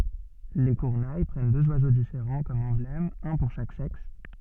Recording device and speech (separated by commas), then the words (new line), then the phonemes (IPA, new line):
soft in-ear microphone, read sentence
Les Kurnai prennent deux oiseaux différents comme emblèmes, un pour chaque sexe.
le kyʁne pʁɛn døz wazo difeʁɑ̃ kɔm ɑ̃blɛmz œ̃ puʁ ʃak sɛks